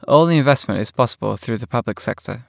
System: none